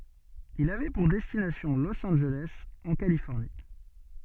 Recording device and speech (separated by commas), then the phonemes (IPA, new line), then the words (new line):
soft in-ear microphone, read sentence
il avɛ puʁ dɛstinasjɔ̃ los ɑ̃nʒelɛs ɑ̃ kalifɔʁni
Il avait pour destination Los Angeles, en Californie.